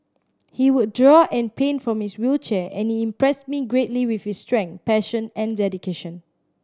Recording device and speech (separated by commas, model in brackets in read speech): standing microphone (AKG C214), read sentence